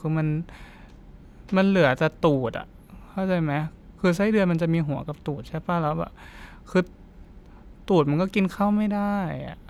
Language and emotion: Thai, sad